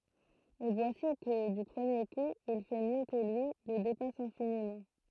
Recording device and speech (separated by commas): throat microphone, read sentence